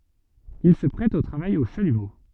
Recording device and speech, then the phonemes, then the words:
soft in-ear microphone, read sentence
il sə pʁɛt o tʁavaj o ʃalymo
Il se prête au travail au chalumeau.

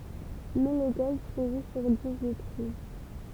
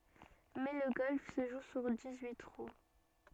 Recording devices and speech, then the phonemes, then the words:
temple vibration pickup, soft in-ear microphone, read sentence
mɛ lə ɡɔlf sə ʒu syʁ dis yi tʁu
Mais le golf se joue sur dix-huit trous.

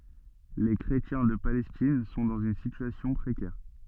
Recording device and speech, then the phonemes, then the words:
soft in-ear microphone, read sentence
le kʁetjɛ̃ də palɛstin sɔ̃ dɑ̃z yn sityasjɔ̃ pʁekɛʁ
Les chrétiens de Palestine sont dans une situation précaire.

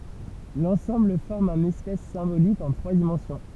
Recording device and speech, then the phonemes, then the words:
temple vibration pickup, read sentence
lɑ̃sɑ̃bl fɔʁm œ̃n ɛspas sɛ̃bolik ɑ̃ tʁwa dimɑ̃sjɔ̃
L'ensemble forme un espace symbolique en trois dimensions.

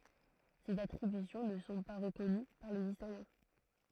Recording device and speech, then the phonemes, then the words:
throat microphone, read sentence
sez atʁibysjɔ̃ nə sɔ̃ pa ʁəkɔny paʁ lez istoʁjɛ̃
Ces attributions ne sont pas reconnues par les historiens.

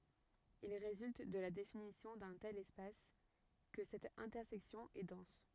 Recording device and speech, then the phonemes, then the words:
rigid in-ear microphone, read sentence
il ʁezylt də la definisjɔ̃ dœ̃ tɛl ɛspas kə sɛt ɛ̃tɛʁsɛksjɔ̃ ɛ dɑ̃s
Il résulte de la définition d'un tel espace que cette intersection est dense.

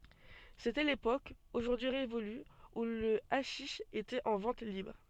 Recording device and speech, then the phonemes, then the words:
soft in-ear microphone, read sentence
setɛ lepok oʒuʁdyi ʁevoly u lə aʃiʃ etɛt ɑ̃ vɑ̃t libʁ
C'était l'époque, aujourd'hui révolue, où le haschich était en vente libre.

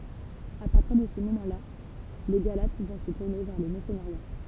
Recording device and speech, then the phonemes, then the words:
temple vibration pickup, read sentence
a paʁtiʁ də sə momɑ̃ la le ɡalat vɔ̃ sə tuʁne vɛʁ lə mɛʁsənəʁja
A partir de ce moment là, les Galates vont se tourner vers le merceneriat.

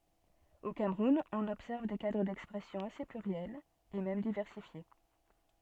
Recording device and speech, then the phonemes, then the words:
soft in-ear microphone, read sentence
o kamʁun ɔ̃n ɔbsɛʁv de kadʁ dɛkspʁɛsjɔ̃ ase plyʁjɛlz e mɛm divɛʁsifje
Au Cameroun, on observe des cadres d'expression assez pluriels et même diversifiés.

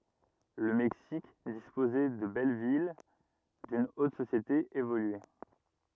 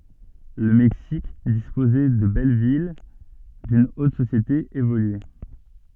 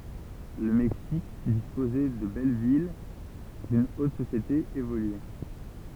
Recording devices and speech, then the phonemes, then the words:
rigid in-ear microphone, soft in-ear microphone, temple vibration pickup, read sentence
lə mɛksik dispozɛ də bɛl vil dyn ot sosjete evolye
Le Mexique disposait de belles villes, d'une haute société évoluée.

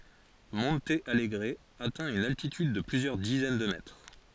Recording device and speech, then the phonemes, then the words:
forehead accelerometer, read sentence
mɔ̃t alɡʁ atɛ̃ yn altityd də plyzjœʁ dizɛn də mɛtʁ
Monte Alegre atteint une altitude de plusieurs dizaines de mètres.

